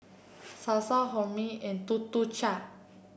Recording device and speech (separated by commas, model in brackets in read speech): boundary microphone (BM630), read sentence